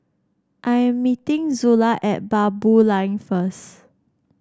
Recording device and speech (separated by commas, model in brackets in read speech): standing microphone (AKG C214), read sentence